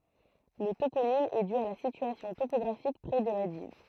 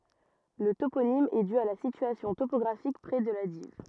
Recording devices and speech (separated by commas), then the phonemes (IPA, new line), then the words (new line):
throat microphone, rigid in-ear microphone, read sentence
lə toponim ɛ dy a la sityasjɔ̃ topɔɡʁafik pʁɛ də la div
Le toponyme est dû à la situation topographique près de la Dives.